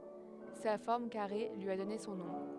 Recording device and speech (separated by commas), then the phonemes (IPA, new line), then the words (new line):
headset microphone, read sentence
sa fɔʁm kaʁe lyi a dɔne sɔ̃ nɔ̃
Sa forme carrée lui a donné son nom.